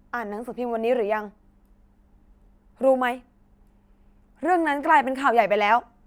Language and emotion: Thai, angry